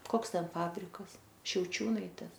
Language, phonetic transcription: Lithuanian, ˈkoks ˈten ˈfabrikas šiauˈčiūnaitės

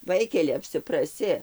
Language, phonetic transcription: Lithuanian, ˈvaikeli apsipraˈsi

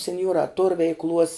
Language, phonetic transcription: Lithuanian, senˈjuorā tor veikˈluos

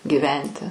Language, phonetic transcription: Lithuanian, gyˈventi

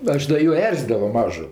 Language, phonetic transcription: Lithuanian, ˈaš da ˈjų ˈerzydavo ˈmažu

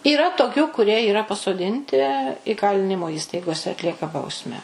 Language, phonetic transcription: Lithuanian, yˈra toˈkių kuˈrie yˈra pasoˈdinti įˈkalinimo ˈįstaigose atˈlieka ˈbausmę

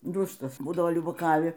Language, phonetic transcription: Lithuanian, ˈdustas ˈbūdavo liubaˈkavi

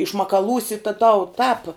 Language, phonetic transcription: Lithuanian, išmakaˈlūsi ta tau tāp

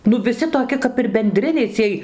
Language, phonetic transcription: Lithuanian, ˈnu viˈsi toˈki kap ir benˈdriniai ˈciej

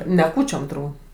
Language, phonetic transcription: Lithuanian, ne ˈkūčiom turˈbūt

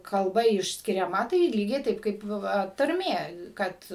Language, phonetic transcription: Lithuanian, kalˈba išskiriaˈma tai ˈlygiai ˈtaip kaip ˈva tarˈmė ˈkad

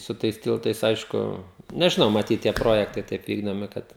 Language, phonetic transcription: Lithuanian, su ˈtais ˈtiltais ˈaišku nežiˈnau maˈtyt tie ˈprojektai ˈtaip ˈvykdomi ˈkad

